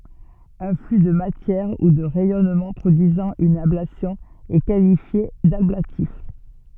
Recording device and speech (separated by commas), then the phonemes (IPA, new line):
soft in-ear microphone, read sentence
œ̃ fly də matjɛʁ u də ʁɛjɔnmɑ̃ pʁodyizɑ̃ yn ablasjɔ̃ ɛ kalifje dablatif